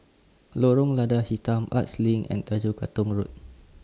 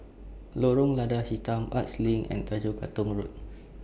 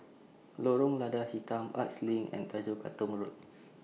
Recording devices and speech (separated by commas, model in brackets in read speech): standing microphone (AKG C214), boundary microphone (BM630), mobile phone (iPhone 6), read sentence